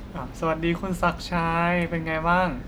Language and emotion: Thai, happy